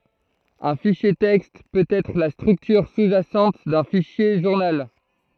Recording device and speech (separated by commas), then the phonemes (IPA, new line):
throat microphone, read sentence
œ̃ fiʃje tɛkst pøt ɛtʁ la stʁyktyʁ su ʒasɑ̃t dœ̃ fiʃje ʒuʁnal